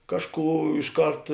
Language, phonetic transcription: Lithuanian, ˈkažˌkų iš ˈkart

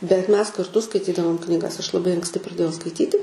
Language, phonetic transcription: Lithuanian, bet ˈmes karˈtu skaiˈtydavom knyˈgas aš laˈbai anksˈti praˈdėjau skaiˈtyti

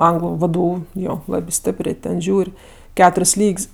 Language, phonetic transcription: Lithuanian, ˈanglu ˈvdu ˈjo ˈlabi ˈstėprė ten ˈžiūr' ˈketur's' ˈlyg's'

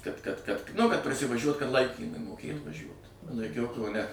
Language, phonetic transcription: Lithuanian, kad kad kad ˈnu kad prasivaˈžiuot kad ˈlaikymui moˈkėt vaˈžiuot laiˈkiau kauˈne

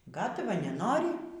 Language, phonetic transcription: Lithuanian, ˈgatava neˈnori

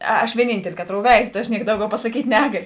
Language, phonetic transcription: Lithuanian, aš vieˈnynteli ˈkaˌtrou ˈveizo ta aš ˈniek ˈdauˌgiau pasaˈkyt' ˈnegaliu

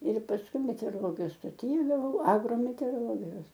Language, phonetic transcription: Lithuanian, ir pasˈkui meteoroˈlogijos stoˈty gaˈvau agrometeoroˈlogijos

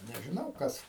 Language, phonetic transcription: Lithuanian, nežiˈnau ˈkas

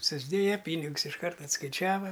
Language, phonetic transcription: Lithuanian, susˈdėja ˈpynigus išˈkart atskaiˈčiava

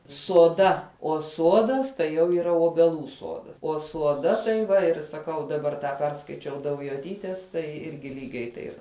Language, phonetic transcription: Lithuanian, soˈda o ˈsuodas tai jau yˈra obeˈlų ˈsuodas o suoˈda tai ˈva ir saˈkau daˈbar ˈtą ˈperskaičiau daujoˈtytės tai ˈirgi ˈlygiai taip

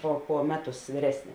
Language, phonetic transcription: Lithuanian, po po ˈmeˌtus vyˈresni

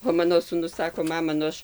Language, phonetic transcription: Lithuanian, o ˈmano sūˈnus ˈsako ˈmama nu ˈaš

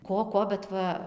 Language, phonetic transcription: Lithuanian, ˈko ˈko bet ˈva

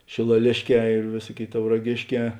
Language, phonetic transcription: Lithuanian, šėlaˈlėšˌkē ir ˈvėsuoˌkėi tauraˈgėšˌkē

